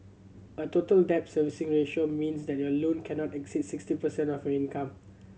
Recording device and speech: mobile phone (Samsung C7100), read sentence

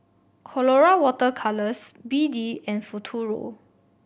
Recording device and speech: boundary microphone (BM630), read sentence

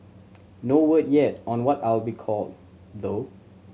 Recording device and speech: mobile phone (Samsung C7100), read sentence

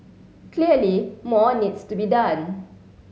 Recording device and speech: mobile phone (Samsung C7), read sentence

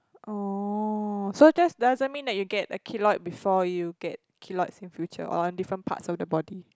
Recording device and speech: close-talking microphone, conversation in the same room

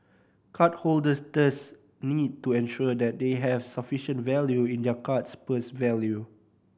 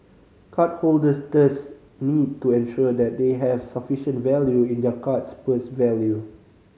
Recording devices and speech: boundary microphone (BM630), mobile phone (Samsung C5010), read sentence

